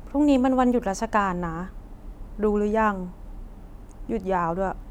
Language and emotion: Thai, frustrated